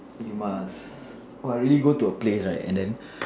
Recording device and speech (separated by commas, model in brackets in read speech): standing microphone, conversation in separate rooms